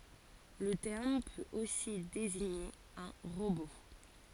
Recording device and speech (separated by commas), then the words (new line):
forehead accelerometer, read sentence
Le terme peut aussi désigner un robot.